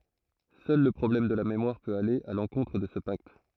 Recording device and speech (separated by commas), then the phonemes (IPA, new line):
throat microphone, read sentence
sœl lə pʁɔblɛm də la memwaʁ pøt ale a lɑ̃kɔ̃tʁ də sə pakt